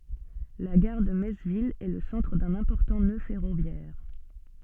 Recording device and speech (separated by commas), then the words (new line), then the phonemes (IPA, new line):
soft in-ear microphone, read sentence
La gare de Metz-Ville est le centre d'un important nœud ferroviaire.
la ɡaʁ də mɛts vil ɛ lə sɑ̃tʁ dœ̃n ɛ̃pɔʁtɑ̃ nø fɛʁovjɛʁ